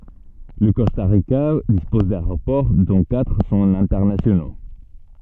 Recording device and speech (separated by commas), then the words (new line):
soft in-ear microphone, read sentence
Le Costa Rica dispose d'aéroports, dont quatre sont internationaux.